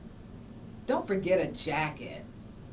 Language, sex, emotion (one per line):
English
female
disgusted